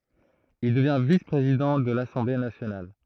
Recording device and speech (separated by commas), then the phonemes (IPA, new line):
throat microphone, read sentence
il dəvjɛ̃ vis pʁezidɑ̃ də lasɑ̃ble nasjonal